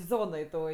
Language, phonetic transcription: Lithuanian, ˈzonoj toj

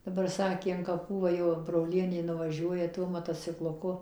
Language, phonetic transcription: Lithuanian, daˈbar ˈsakė an kaˈpų ˈva jau broˈlienė nuvaˈžiuoja ˈtuo motocikluˈku

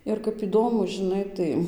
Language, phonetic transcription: Lithuanian, ir kap iˈdomu žiˈnai tai

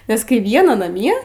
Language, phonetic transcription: Lithuanian, nes ˈkai ˈviena naˈmie

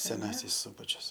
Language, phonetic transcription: Lithuanian, seˈnasis ˈsubačius

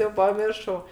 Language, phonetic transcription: Lithuanian, jau paˈmiršau

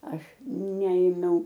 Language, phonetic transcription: Lithuanian, ˈaš ˈneėmiau

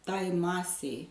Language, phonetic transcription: Lithuanian, ˈtai ˈmasei

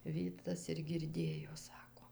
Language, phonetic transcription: Lithuanian, ˈvytas ir girˈdėjo ˈsako

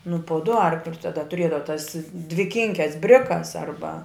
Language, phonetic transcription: Lithuanian, nu pu du ˈarklius taˈda tuˈriedava tas dviˈkinkes ˈbrikas ˈarba

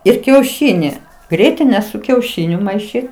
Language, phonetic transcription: Lithuanian, ir kiauˈšyˈni ˈgrietine su kiauˈšiniu maiˈšyt

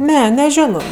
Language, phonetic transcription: Lithuanian, ˈne neˈžiono

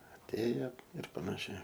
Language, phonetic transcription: Lithuanian, atˈėje ir panaˈšiai

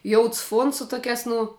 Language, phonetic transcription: Lithuanian, ˈjouds ˈfuons su ˈtokiās ˈnu

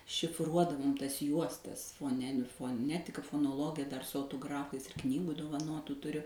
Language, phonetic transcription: Lithuanian, šifˈruodavom ˈtas ˈjuostas foˈneni foˈnetika fonoˈlogija dar su autoˈgrafais ir ˈknygu dovaˈnotu tuˈriu

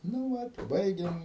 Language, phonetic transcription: Lithuanian, nu ˈvat i ˈbaigiam

